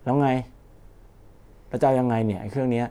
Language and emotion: Thai, frustrated